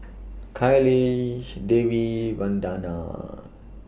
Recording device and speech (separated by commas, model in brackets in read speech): boundary microphone (BM630), read sentence